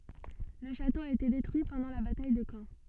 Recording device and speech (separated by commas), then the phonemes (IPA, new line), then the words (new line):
soft in-ear microphone, read sentence
lə ʃato a ete detʁyi pɑ̃dɑ̃ la bataj də kɑ̃
Le château a été détruit pendant la bataille de Caen.